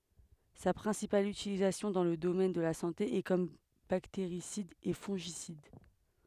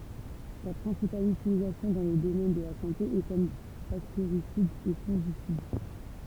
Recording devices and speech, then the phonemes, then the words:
headset microphone, temple vibration pickup, read sentence
sa pʁɛ̃sipal ytilizasjɔ̃ dɑ̃ lə domɛn də la sɑ̃te ɛ kɔm bakteʁisid e fɔ̃ʒisid
Sa principale utilisation dans le domaine de la santé est comme bactéricide et fongicide.

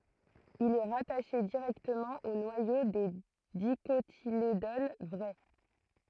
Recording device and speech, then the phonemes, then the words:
throat microphone, read sentence
il ɛ ʁataʃe diʁɛktəmɑ̃ o nwajo de dikotiledon vʁɛ
Il est rattaché directement au noyau des Dicotylédones vraies.

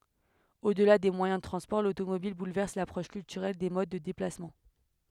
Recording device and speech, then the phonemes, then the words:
headset microphone, read sentence
odla de mwajɛ̃ də tʁɑ̃spɔʁ lotomobil bulvɛʁs lapʁɔʃ kyltyʁɛl de mod də deplasmɑ̃
Au-delà des moyens de transports, l'automobile bouleverse l'approche culturelle des modes de déplacements.

